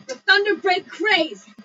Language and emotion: English, angry